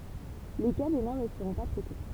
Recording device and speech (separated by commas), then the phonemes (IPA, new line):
temple vibration pickup, read sentence
le ka benɛ̃ nə səʁɔ̃ pa tʁɛte